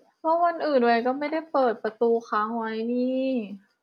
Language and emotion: Thai, frustrated